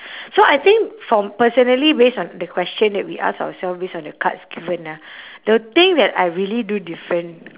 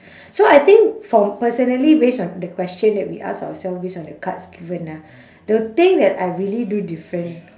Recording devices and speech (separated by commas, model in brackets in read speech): telephone, standing microphone, conversation in separate rooms